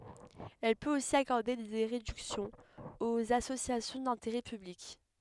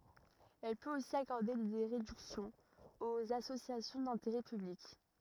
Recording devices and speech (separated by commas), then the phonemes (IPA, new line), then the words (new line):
headset microphone, rigid in-ear microphone, read sentence
ɛl pøt osi akɔʁde de ʁedyksjɔ̃z oz asosjasjɔ̃ dɛ̃teʁɛ pyblik
Elle peut aussi accorder des réductions aux associations d'intérêt public.